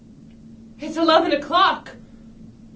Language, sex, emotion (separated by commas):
English, female, fearful